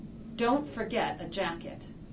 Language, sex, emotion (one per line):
English
female
neutral